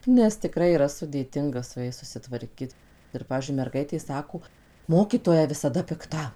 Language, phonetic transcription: Lithuanian, nes tiˈkrai yˈra sudėˈtinga su ˈjais susitvarˈkit ir ˈpavyzdžiui merˈgaitė ˈsako ˈmokytoja visaˈda pikˈta

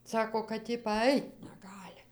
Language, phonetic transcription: Lithuanian, ˈsako kad ˈji paˈait neˈgali

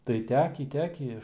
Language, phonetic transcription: Lithuanian, tai ˈtekį ˈtekį

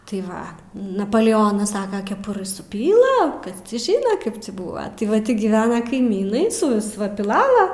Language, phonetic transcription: Lithuanian, tai ˈva napoleˈonas ˈsaka keˈpurɨ suˈpyla ˈkas ˈcį ˈžyna ˈkaip cį ˈbūva ti ˈva ˈti giˈvena kaiˈmynai suˈvis piˈlala

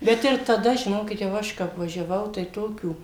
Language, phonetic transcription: Lithuanian, ˈbet ir taˈda žiˈnokit jau ˈaš kap važiaˈvau tai ˈtokių

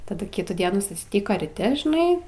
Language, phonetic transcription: Lithuanian, taˈdu ˈkitų ˈdienų susˈtiko ryˈti žiˈnai

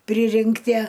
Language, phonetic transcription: Lithuanian, ˈpririnktie

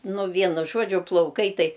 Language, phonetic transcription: Lithuanian, ˈnu ˈvienu ˈžuodžiu plauˈkai ˈtai

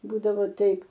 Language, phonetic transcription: Lithuanian, ˈbūdavo ˈtaip

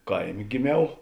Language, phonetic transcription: Lithuanian, ˈkaiˌmė giˈmiau

